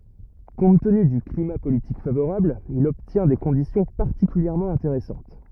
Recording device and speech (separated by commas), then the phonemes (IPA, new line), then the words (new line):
rigid in-ear microphone, read sentence
kɔ̃t təny dy klima politik favoʁabl il ɔbtjɛ̃ de kɔ̃disjɔ̃ paʁtikyljɛʁmɑ̃ ɛ̃teʁɛsɑ̃t
Compte tenu du climat politique favorable, il obtient des conditions particulièrement intéressantes.